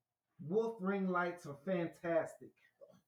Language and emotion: English, disgusted